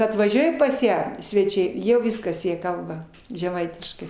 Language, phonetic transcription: Lithuanian, atvaˈžiuoja pas ˈją sveˈčiai ˈjau ˈviskas ˈjie ˈkalba žeˈmaitiškai

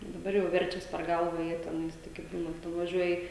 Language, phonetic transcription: Lithuanian, daˈbar jau ˈverčias per ˈgalva ˈjie teˈnais ˈtaigi ˈbūnat nuvaˈžiuoji

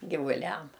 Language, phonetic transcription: Lithuanian, givuˈliam

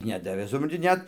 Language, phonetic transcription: Lithuanian, ˈnedavė supranˈti ˈnet

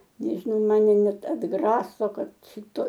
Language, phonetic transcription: Lithuanian, ˈnežinau ˈmane ˈnet atˈgraso ˈkad ˈšito

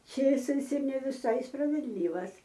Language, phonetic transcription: Lithuanian, ˈčėsais ir ne viˈsai spravedˈlyvas

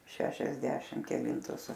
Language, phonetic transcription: Lithuanian, šešiasˈdešim keˈlintus

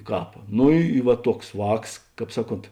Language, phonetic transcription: Lithuanian, ˈkāp ˈno ˈy i va ˈtuoks ˈvāks ˈkāp ˈsaˌkont

